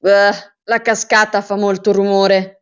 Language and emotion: Italian, disgusted